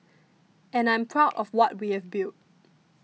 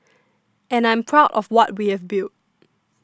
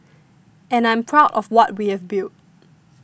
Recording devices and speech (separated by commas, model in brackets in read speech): mobile phone (iPhone 6), standing microphone (AKG C214), boundary microphone (BM630), read sentence